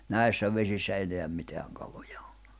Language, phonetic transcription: Finnish, 'nä̀issä vesissä 'eneäm 'miteäŋ kaloᴊᴀ ᴏ .
- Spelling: näissä vesissä enää mitään kaloja ole

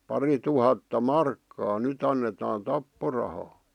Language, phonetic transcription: Finnish, 'parituhatta "markkaa ny't ‿annetaan 'tapporahaa .
- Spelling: parituhatta markkaa nyt annetaan tapporahaa

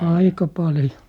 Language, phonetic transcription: Finnish, "aika 'paljo .
- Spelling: aika paljon

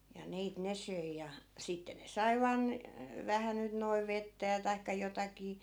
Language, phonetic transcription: Finnish, ja 'niit 'ne söi ja , 'sitte ne "sai̮ vaan , 'vähä nyt noiv̆ 'vettä ja taikka 'jotakii .
- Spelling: ja niitä ne söi ja sitten ne sai vain vähän nyt noin vettä ja tai jotakin

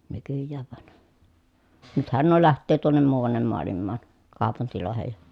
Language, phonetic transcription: Finnish, nykyjjääv van , nythän nuo läht̆töö tuonnem muu₍annem moalimmaan , kàopuntilòehej ja ,.
- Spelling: nykyään vaan nythän nuo lähtee tuonne muuanne maailmaan kaupunkeihin ja

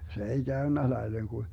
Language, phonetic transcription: Finnish, 'se ei "Gäönnä 'laileŋ ku ,.
- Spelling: se ei käynyt laille kun

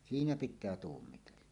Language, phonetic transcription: Finnish, siinä 'pit̆tää 'tuummitella .
- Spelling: siinä pitää tuumia

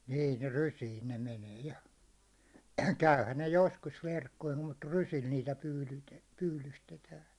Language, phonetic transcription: Finnish, nii ne "rysiin̬ ne menee ja , 'käyhän ne 'joskus 'verkkoim mut 'rysil niitä 'pyylyte- 'pyylystetään̬ .
- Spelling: niin ne rysiin ne menee ja käyhän ne joskus verkkoihin mutta rysillä niitä - pyydystetään

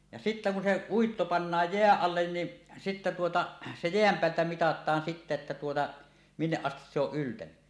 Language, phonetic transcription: Finnish, ja sittä kun se "uitto pannaaj "jeäˀ 'ˀallen ni , sittä tuota se 'jeäm 'peältä "mitat̆taan sittä että tuota , 'minneˀ 'ˀastis se ‿oˀ 'ˀyltäny .
- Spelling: ja sitten kun se uitto pannaan jään alle niin sitten tuota se jään päältä mitataan sitten että tuota minne asti se on yltänyt

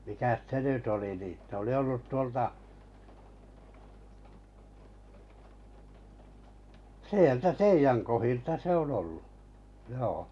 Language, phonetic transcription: Finnish, mikäs 'se nyt oli nì , se oli 'ollut'tuolta , 'sieltä "teijäŋ kohilta 'se on ollu , joo .
- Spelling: mikäs se nyt oli niin se oli ollut tuolta sieltä teidän kohdilta se on ollut joo

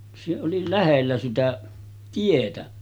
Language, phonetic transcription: Finnish, se oli 'lähellä sitä , 'tietä .
- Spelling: se oli lähellä sitä tietä

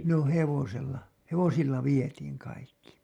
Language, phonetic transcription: Finnish, no "hevosella , 'hevosilla 'vietiiŋ 'kaikki .
- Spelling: no hevosella hevosilla vietiin kaikki

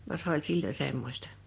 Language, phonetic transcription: Finnish, va se ‿ol "sillo "semmośtᴀ .
- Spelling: vaan se oli silloin semmoista

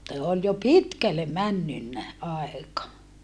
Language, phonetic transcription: Finnish, (s)e ol jo pitkälle männynnä , aeka .
- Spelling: se oli jo pitkälle mennyt aika

